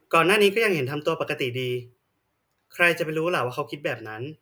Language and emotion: Thai, frustrated